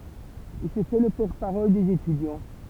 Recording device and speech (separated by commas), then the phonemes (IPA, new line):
temple vibration pickup, read sentence
il sə fɛ lə pɔʁt paʁɔl dez etydjɑ̃